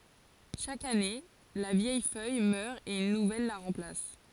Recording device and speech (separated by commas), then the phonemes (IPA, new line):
forehead accelerometer, read sentence
ʃak ane la vjɛj fœj mœʁ e yn nuvɛl la ʁɑ̃plas